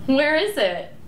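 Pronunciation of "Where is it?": The question 'Where is it?' is said with a rising intonation.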